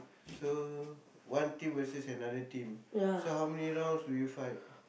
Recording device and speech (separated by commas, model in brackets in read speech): boundary microphone, conversation in the same room